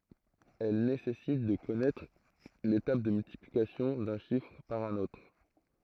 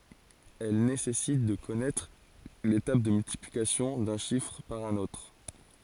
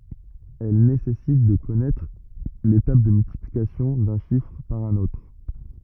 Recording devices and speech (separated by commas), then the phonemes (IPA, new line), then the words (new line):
throat microphone, forehead accelerometer, rigid in-ear microphone, read sentence
ɛl nesɛsit də kɔnɛtʁ le tabl də myltiplikasjɔ̃ dœ̃ ʃifʁ paʁ œ̃n otʁ
Elle nécessite de connaître les tables de multiplications d'un chiffre par un autre.